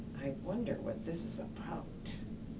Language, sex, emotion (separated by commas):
English, female, neutral